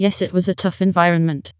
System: TTS, vocoder